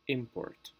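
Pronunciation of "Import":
'Import' is said as the noun, with the stress on the first syllable.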